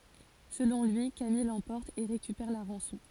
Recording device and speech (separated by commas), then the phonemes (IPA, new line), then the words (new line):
forehead accelerometer, read sentence
səlɔ̃ lyi kamij lɑ̃pɔʁt e ʁekypɛʁ la ʁɑ̃sɔ̃
Selon lui, Camille l'emporte et récupère la rançon.